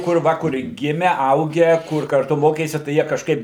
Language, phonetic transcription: Lithuanian, kur ˈva kur ˈgime ˈaugę ˈkur karˈtu ˈmokėsi tai ˈjie kažˈkaip

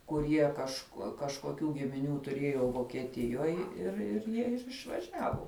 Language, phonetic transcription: Lithuanian, kuˈrie kaž kažkoˈkių gimiˈnių tuˈriejo vokieˈtijoj ir ir ˈjie ir išvaˈžiavu

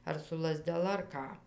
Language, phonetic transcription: Lithuanian, ar su lazdeˈla ar ˈką

